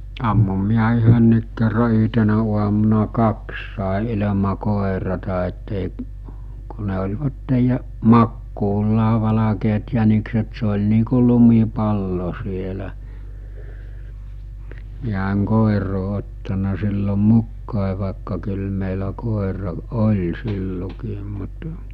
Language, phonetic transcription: Finnish, ammum miä 'yhönniik kerra 'yɦtenä uamuna 'kaks sàe ilema 'kòerata ettèi’ , ku ne oĺvattej ja- , 'makkuullaa valakeet jänikset se oĺ nii ku 'lumipallo sielä , miä eŋ 'kòiroo ottana sillo 'mukkàe vàekka kyl mèilä 'kòera 'oĺ 'sillokiim mut ,.
- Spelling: ammuin minä yhdenkin kerran yhtenä aamuna kaksi sain ilman koiratta että ei kun ne olivat - makuullaan valkeat jänikset se oli niin kuin lumipallo siellä minä en koiraa ottanut silloin mukaan vaikka kyllä meillä koira oli silloinkin mutta

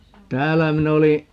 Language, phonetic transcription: Finnish, "täällä 'min ‿oli ,.
- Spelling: täällä minä olin

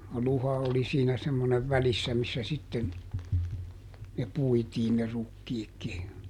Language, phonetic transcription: Finnish, "luha oli siinä semmonev ˈvälissä missä sitten , ne ˈpuitiin ne ˈrukkiikki .
- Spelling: luha oli siinä semmoinen välissä missä sitten ne puitiin ne rukiitkin

